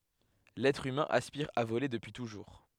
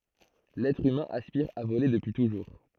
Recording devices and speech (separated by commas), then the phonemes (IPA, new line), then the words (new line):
headset microphone, throat microphone, read sentence
lɛtʁ ymɛ̃ aspiʁ a vole dəpyi tuʒuʁ
L'être humain aspire à voler depuis toujours.